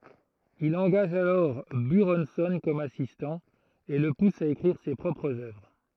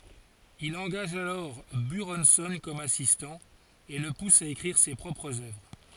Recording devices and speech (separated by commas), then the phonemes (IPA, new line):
throat microphone, forehead accelerometer, read sentence
il ɑ̃ɡaʒ alɔʁ byʁɔ̃sɔ̃ kɔm asistɑ̃ e lə pus a ekʁiʁ se pʁɔpʁz œvʁ